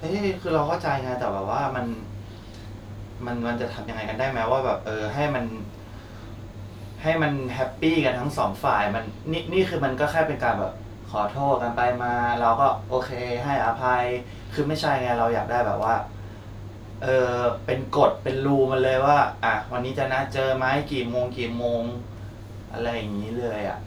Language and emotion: Thai, frustrated